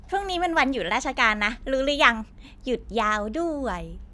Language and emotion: Thai, happy